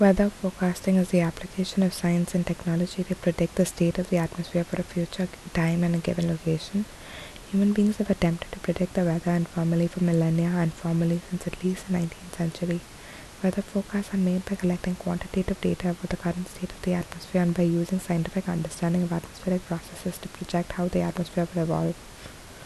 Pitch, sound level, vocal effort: 180 Hz, 68 dB SPL, soft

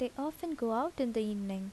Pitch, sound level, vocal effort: 245 Hz, 78 dB SPL, soft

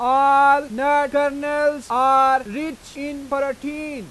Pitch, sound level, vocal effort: 280 Hz, 102 dB SPL, very loud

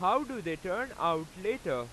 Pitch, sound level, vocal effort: 180 Hz, 98 dB SPL, very loud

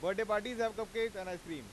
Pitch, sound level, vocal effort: 210 Hz, 101 dB SPL, very loud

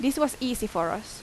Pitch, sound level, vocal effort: 245 Hz, 83 dB SPL, loud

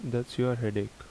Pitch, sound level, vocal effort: 120 Hz, 75 dB SPL, soft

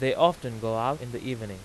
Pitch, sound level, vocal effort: 125 Hz, 92 dB SPL, loud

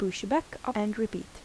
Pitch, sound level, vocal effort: 210 Hz, 76 dB SPL, soft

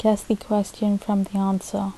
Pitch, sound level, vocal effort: 205 Hz, 73 dB SPL, soft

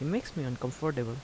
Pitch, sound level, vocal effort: 140 Hz, 78 dB SPL, soft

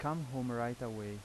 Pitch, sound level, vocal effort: 120 Hz, 86 dB SPL, normal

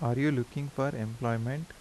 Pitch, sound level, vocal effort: 130 Hz, 80 dB SPL, soft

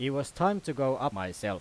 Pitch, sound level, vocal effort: 140 Hz, 93 dB SPL, very loud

